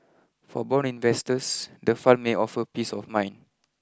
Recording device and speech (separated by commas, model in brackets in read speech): close-talking microphone (WH20), read sentence